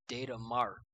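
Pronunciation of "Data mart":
'Data mart' is said with an American accent.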